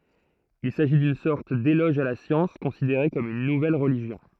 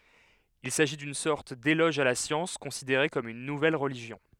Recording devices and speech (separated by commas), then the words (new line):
throat microphone, headset microphone, read sentence
Il s’agit d’une sorte d’éloge à la science, considérée comme une nouvelle religion.